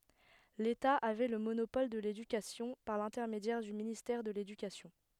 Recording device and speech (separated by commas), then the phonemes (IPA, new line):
headset microphone, read sentence
leta avɛ lə monopɔl də ledykasjɔ̃ paʁ lɛ̃tɛʁmedjɛʁ dy ministɛʁ də ledykasjɔ̃